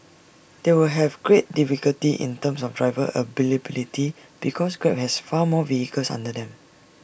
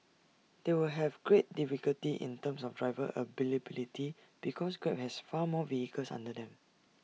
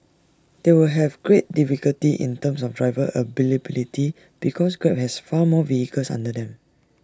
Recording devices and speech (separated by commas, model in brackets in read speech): boundary microphone (BM630), mobile phone (iPhone 6), standing microphone (AKG C214), read sentence